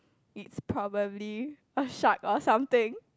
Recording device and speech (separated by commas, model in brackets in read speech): close-talking microphone, conversation in the same room